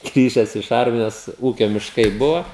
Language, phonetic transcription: Lithuanian, ˈgrįžes iš ˈarmijos ˈūkio mišˈkai ˈbuvo

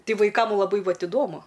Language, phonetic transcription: Lithuanian, ˈti vaiˈkam laˈbai ˈvat iˈdomu

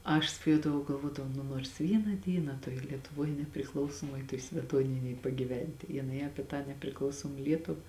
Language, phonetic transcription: Lithuanian, ˈaš svaˈjuodavau galˈvuodavau ˈnu nors ˈvyna ˈdyna tuoj lietuˈvuoj nepriˈklausomuoj tuoj smeˈtuoninėj pagyˈventi jiˈnai aˈpie tą nepriˈklausom ˈlietuva

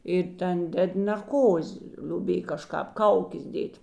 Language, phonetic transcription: Lithuanian, ir ˈten ˈded nerˈkozi ˈliubėj kaˈžkāp ˈkaukės ˈdėt'

